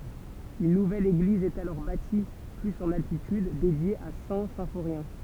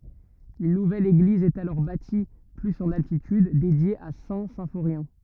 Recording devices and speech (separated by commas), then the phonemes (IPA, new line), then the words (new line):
temple vibration pickup, rigid in-ear microphone, read sentence
yn nuvɛl eɡliz ɛt alɔʁ bati plyz ɑ̃n altityd dedje a sɛ̃ sɛ̃foʁjɛ̃
Une nouvelle église est alors bâtie plus en altitude, dédiée à Saint-Symphorien.